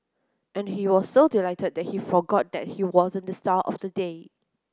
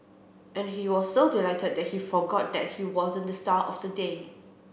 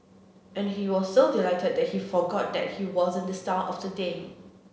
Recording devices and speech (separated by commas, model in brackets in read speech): close-talking microphone (WH30), boundary microphone (BM630), mobile phone (Samsung C7), read sentence